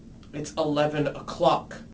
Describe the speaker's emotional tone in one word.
angry